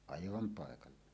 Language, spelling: Finnish, aivan paikalla
- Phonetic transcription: aivam 'pàekalla .

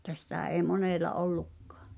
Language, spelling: Finnish, että sitä ei monella ollutkaan
- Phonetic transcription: [e]t̆tä sitä̀ ei̬ "monèla '’ollukkᴀᴀ .

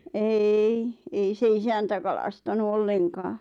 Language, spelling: Finnish, ei ei se isäntä kalastanut ollenkaan
- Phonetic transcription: êi , ei 'se "isäntä kalastanu 'olleŋkaa .

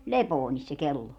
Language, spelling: Finnish, Lepoonissa se kello
- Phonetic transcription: 'Lepoonis se 'kello .

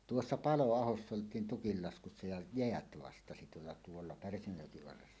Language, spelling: Finnish, tuossa Paloahossa oltiin tuolla tuolla Pärsämönjoen varressa
- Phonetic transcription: 'tuossa "Palo₍ahos's ‿olt̀iin tuolla tuolla 'Pärsämöjjoki varressa .

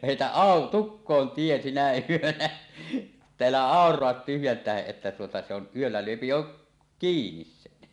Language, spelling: Finnish, heitä - tukkoon tie sinä yönä että älä auraa tyhjän tähden että tuota se on yöllä lyö jo kiinni sen
- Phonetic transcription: 'hèitäˀ 'ˀào- , "tukkoon 'tie sinä yönä , [et]tä 'elä "àor̀oat 'tyhjän 'täheˀ 'ˀettä tuota se ‿on , yöllä 'lyöpi 'jo , "kiinis 'sen .

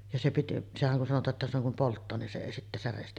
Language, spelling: Finnish, ja se piti sehän kun sanotaan että silloin kun polttaa niin se ei sitten särje sitä
- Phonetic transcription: ja 'se piti 'sehäŋ kun sanot̀aa’ ’että silloŋ kum "polttaa nin se 'èi sittä säres sitä .

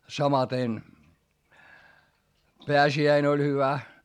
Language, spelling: Finnish, samaten pääsiäinen oli hyvä
- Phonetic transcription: samaten , peäsi₍äin ‿oĺ hyvä .

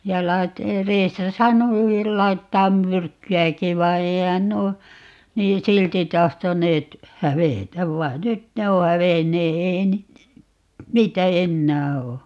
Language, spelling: Finnish, ja - - saanut niihin laittaa myrkkyäkin vaan eihän nuo niin silti tahtoneet hävitä vain nyt ne on hävinneet ei - niitä enää ole
- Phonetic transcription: ja 'lait- , 'reista- , 'saanun ('niihil) 'laittaam "myrkky₍äki vai̮ 'eihän nuo , 'nii "silti 'tahtoǹeet , "hävetäv 'vai̮n "nyt ne o "hävennee - 'ei ni- , 'niitä "ennää 'oo .

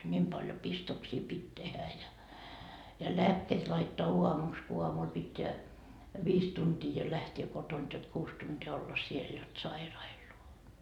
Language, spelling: Finnish, niin paljon pistoksia piti tehdä ja ja lääkkeet laittaa aamuksi kun aamulla pitää viisi tuntia jo lähteä kotoa jotta kuusi tuntia olla siellä jotta sairaiden luona
- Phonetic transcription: ńiim paljo 'pistoksii pit́ 'tehä ja , ja 'lääkkeet laittoa 'uamuks ku uamul 'pit́t́eä , 'viis tuntii jo 'lähtee kotont jot 'kuus tuntii 'olla 'siel jot "sairail luon .

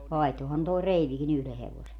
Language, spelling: Finnish, vaihtoihan tuo kreivikin yhden hevosen
- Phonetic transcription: 'vaihtohan toi "reivikin ‿yhle 'hevose .

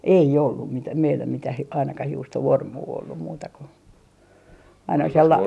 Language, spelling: Finnish, ei ollut mitään meillä mitään - ainakaan juustovormua ollut muuta kuin aina -
- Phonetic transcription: "ei 'ollum mitä 'meillä mitäh e- , 'ainakah 'juustovormuu ollum muuta ku , 'aina sel -

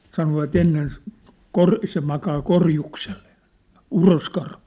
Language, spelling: Finnish, sanoivat ennen - se makaa korjuksella uroskarhu
- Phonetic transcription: sanova't ‿ennen , "kor- , se makaa "korjukseʟ̆ʟᴇ̀ , "uroskarhu .

